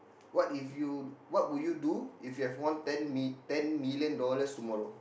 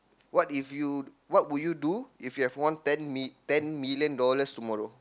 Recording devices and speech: boundary microphone, close-talking microphone, conversation in the same room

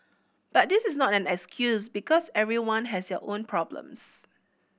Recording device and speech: boundary microphone (BM630), read sentence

